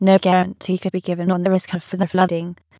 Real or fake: fake